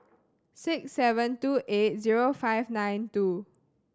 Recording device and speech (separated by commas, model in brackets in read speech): standing microphone (AKG C214), read sentence